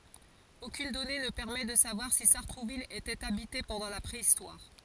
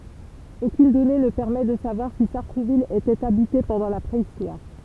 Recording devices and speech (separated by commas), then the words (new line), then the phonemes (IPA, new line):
forehead accelerometer, temple vibration pickup, read sentence
Aucune donnée ne permet de savoir si Sartrouville était habitée pendant la préhistoire.
okyn dɔne nə pɛʁmɛ də savwaʁ si saʁtʁuvil etɛt abite pɑ̃dɑ̃ la pʁeistwaʁ